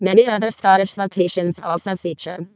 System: VC, vocoder